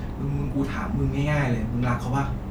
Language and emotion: Thai, frustrated